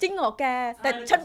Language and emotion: Thai, happy